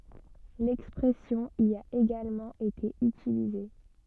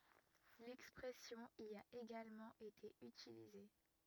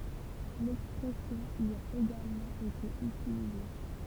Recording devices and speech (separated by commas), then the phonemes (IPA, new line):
soft in-ear microphone, rigid in-ear microphone, temple vibration pickup, read sentence
lɛkspʁɛsjɔ̃ i a eɡalmɑ̃ ete ytilize